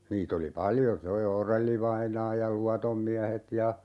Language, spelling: Finnish, niitä oli paljon se - Orell-vainaa ja Luodon miehet ja
- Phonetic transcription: 'niit ‿oli "paljo se O - "Orellivainaa ja "Luatom 'miähet ja ,.

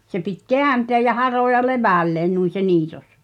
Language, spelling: Finnish, se piti kääntää ja haroa levälleen noin se niitos
- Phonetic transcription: se pit́ "keänteäj̆ ja 'haròja "levä̀lleen nuin̬ se 'niitos .

